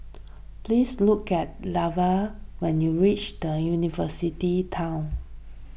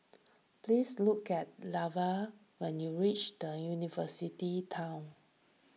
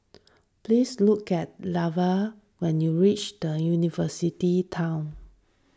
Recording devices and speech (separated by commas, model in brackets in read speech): boundary microphone (BM630), mobile phone (iPhone 6), standing microphone (AKG C214), read sentence